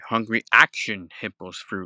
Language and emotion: English, fearful